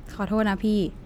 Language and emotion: Thai, neutral